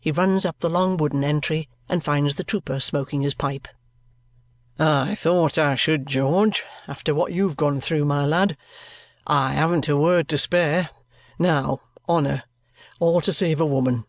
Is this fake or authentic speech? authentic